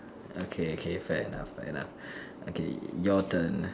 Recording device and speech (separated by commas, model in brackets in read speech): standing microphone, conversation in separate rooms